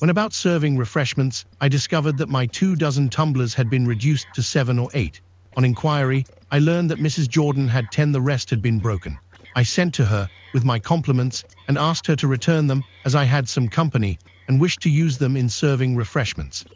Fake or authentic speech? fake